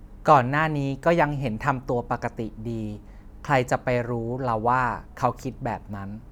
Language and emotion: Thai, neutral